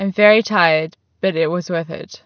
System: none